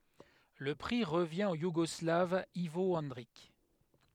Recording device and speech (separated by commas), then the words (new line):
headset microphone, read sentence
Le prix revient au Yougoslave Ivo Andrić.